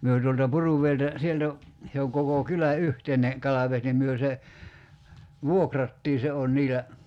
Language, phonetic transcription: Finnish, 'myö tuolta "Puruv̀eiltä , 'sieltä , se oŋ 'koko 'kylä "yhteine , 'kalaves nim 'myö se , "vuokrattii se on 'niilä ,.
- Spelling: me tuolta Puruvedeltä sieltä se on koko kylän yhteinen kalavesi niin me se vuokrattiin se on niillä

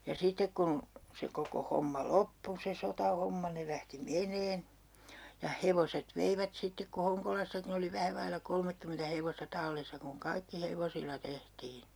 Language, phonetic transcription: Finnish, ja 'sitek kun , se 'koko 'homma "loppu se "sotahomma ne 'lähti "meǹeen , ja 'hevoset 'veivät 'sittek ku 'Hoŋkolassakin ‿oli 'vähä vailla 'kolmekkymentä 'hevosta 'tallissa kuŋ "kaikki 'hevosilla 'tehtii .
- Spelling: ja sitten kun se koko homma loppui se sotahomma ne lähti menemään ja hevoset veivät sitten kun Honkolassakin oli vähän vailla kolmekymmentä hevosta tallissa kun kaikki hevosilla tehtiin

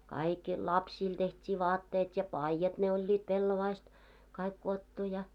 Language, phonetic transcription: Finnish, 'kaik , lapsiil 'teht́ii "vaatteet ja "paijat ne oĺĺit 'peilovaist , 'kaik kuottu ja .
- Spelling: kaikki lapsille tehtiin vaatteet ja paidat ne olivat pellavasta kaikki kudottu ja

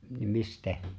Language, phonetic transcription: Finnish, niim 'mistɛ̀ ?
- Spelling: niin mistä

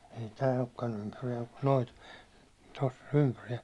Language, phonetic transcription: Finnish, ei tää okkan 'ympyrijäim mUt nOIt , 'toss ‿ᴏɴ ympyʀɪᴊᴀ̈ɪ ,.
- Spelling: ei tämä olekaan ympyriäinen mutta noita tuossa on ympyriäisiä

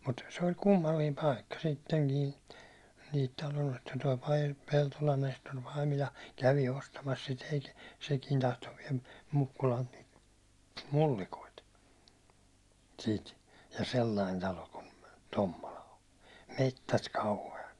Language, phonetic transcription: Finnish, mut se ol 'kummalliim "paikka , sitteŋkii , niit talo₍ost- toi Pai- , 'Peltolan Nestor Paimila- , kävi 'ostamas sit ‿ei , 'sekiin tahto viɛl Mukkulalt niit , "mullikoit , siit , ja "sellain 'talo kun 'Tommola on̬ , 'mettät "kauhe₍at .
- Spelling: mutta se oli kummallinen paikka sittenkin niitä - tuo - Peltolan Nestori - kävi ostamassa sitä ei sekin tahtoi vielä Mukkulalta niitä mullikoita siitä ja sellainen talo kuin Tommola on metsät kauheat

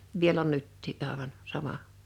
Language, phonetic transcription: Finnish, 'viel ‿on 'nyttii '’àevan , 'sama .
- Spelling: vielä on nytkin aivan sama

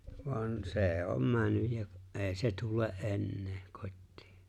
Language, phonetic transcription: Finnish, voan , 'se̬e̬ "om 'männyj ja , "’e̬e̬ⁱ se 'tule’ '’e̬nnee , 'kot̀tɪɪ .
- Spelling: vaan se on mennyt ja ei se tule enää kotiin

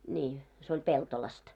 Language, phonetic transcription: Finnish, ńii , se oĺ 'Peltolast .
- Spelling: niin se oli Peltolasta

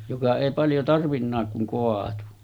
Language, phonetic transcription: Finnish, joka èi paljo 'tarvinnaak kuŋ 'koatu .
- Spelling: joka ei paljon tarvinnutkaan kun kaatui

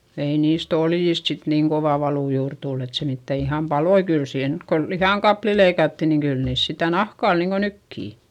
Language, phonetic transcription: Finnish, ei niist ‿oljist sit niiŋ kovà valù juur tull ‿et se mittä iham paloi - kyl siihen nyt ko , lihàŋkapli leikatti niŋ kyl niis sitä nahkà ol niiŋko nykkì .
- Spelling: ei niistä oljista sitten niin kova valu juuri tullut että se mitään ihan paloi kyllä siihen nyt kun lihankappaleita leikattiin niin kyllä niissä sitä nahka oli niin kuin nytkin

